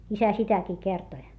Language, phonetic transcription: Finnish, isä sitäkii kertoⁱ .
- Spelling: isä sitäkin kertoi

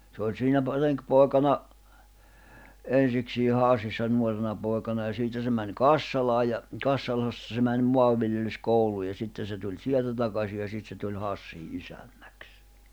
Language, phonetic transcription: Finnish, se oĺ siinä ‿p- , 'reŋkpòi̬kana , 'en̬siksii "Hàssissa 'nuorena pòi̬kana ja 'siitä se mäń "Kassalaaj̆ ja , 'Kassalasta se mäń 'mo̭avviljelys'kouluu ja 'sitte se tuĺ "sieltä 'takasi ja 'sit se tuĺ 'Hassii '’isännäks .
- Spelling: se oli siinä - renkipoikana ensiksi Hassissa nuorena poikana ja siitä se meni Kassalaan ja Kassalasta se meni maanviljelyskouluun ja sitten se tuli sieltä takaisin ja sitten se tuli Hassiin isännäksi

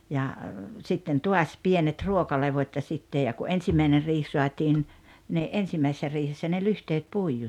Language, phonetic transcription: Finnish, ja , 'sitten "tuas 'pienet "ruokalevot́ ja 'sittej ja ku "ensimäiner riih 'suatiin , ni '’ensimäisᵉssä 'riihessä ne 'lyhteet "puiju(k)s .
- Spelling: ja sitten taas pienet ruokalevot ja sitten ja kun ensimmäinen riihi saatiin niin ensimmäisessä riihessä ne lyhteet puiduksi

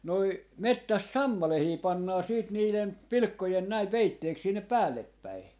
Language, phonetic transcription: Finnish, noi , 'mettäst "sammalehii 'pannaa 'siit niilen , "pilⁱkkojen näi 'peitteeks sinnep "päälleppäi .
- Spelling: noin metsästä sammalia pannaan sitten niiden pilkkojen näin peitteeksi sinne päällepäin

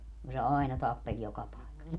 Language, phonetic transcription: Finnish, ku se "ai̮na 'tappeĺ 'joka paekas .
- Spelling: kun se aina tappeli joka paikassa

